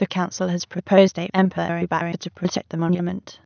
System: TTS, waveform concatenation